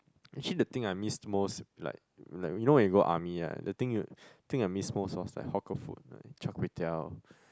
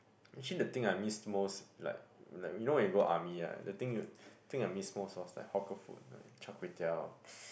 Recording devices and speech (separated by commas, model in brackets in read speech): close-talking microphone, boundary microphone, conversation in the same room